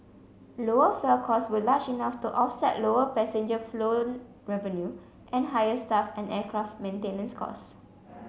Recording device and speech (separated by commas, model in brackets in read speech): mobile phone (Samsung C7), read sentence